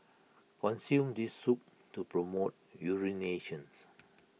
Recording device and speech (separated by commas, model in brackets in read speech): mobile phone (iPhone 6), read sentence